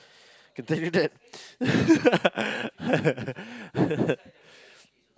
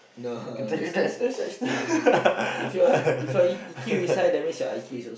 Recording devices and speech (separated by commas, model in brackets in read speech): close-talking microphone, boundary microphone, conversation in the same room